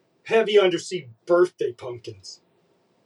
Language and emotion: English, disgusted